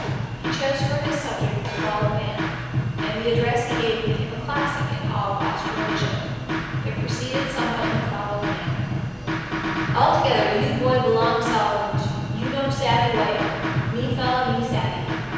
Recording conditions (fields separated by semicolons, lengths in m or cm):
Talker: one person; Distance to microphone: 7.1 m; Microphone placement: far; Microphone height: 1.7 m; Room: very reverberant, large; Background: music